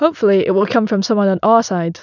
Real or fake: real